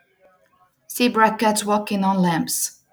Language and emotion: English, neutral